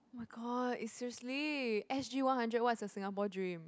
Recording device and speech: close-talking microphone, conversation in the same room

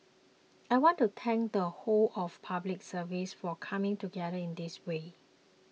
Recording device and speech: mobile phone (iPhone 6), read sentence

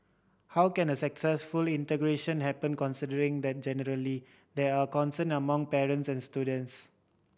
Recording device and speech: boundary microphone (BM630), read sentence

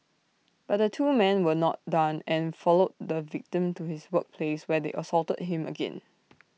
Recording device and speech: mobile phone (iPhone 6), read sentence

